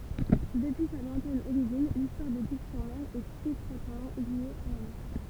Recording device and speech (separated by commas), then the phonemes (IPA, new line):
temple vibration pickup, read sentence
dəpyi sa lwɛ̃tɛn oʁiʒin listwaʁ də div syʁ mɛʁ ɛt etʁwatmɑ̃ lje a la mɛʁ